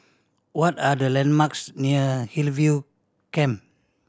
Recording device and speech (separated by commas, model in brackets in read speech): standing microphone (AKG C214), read sentence